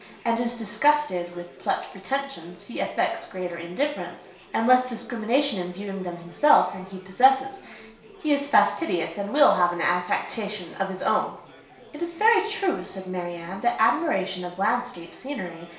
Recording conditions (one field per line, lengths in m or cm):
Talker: one person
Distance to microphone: 1.0 m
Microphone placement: close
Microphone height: 1.1 m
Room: small (3.7 m by 2.7 m)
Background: babble